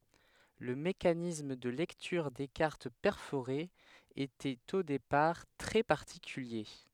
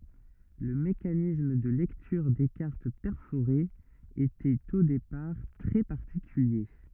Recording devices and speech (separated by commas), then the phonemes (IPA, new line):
headset microphone, rigid in-ear microphone, read sentence
lə mekanism də lɛktyʁ de kaʁt pɛʁfoʁez etɛt o depaʁ tʁɛ paʁtikylje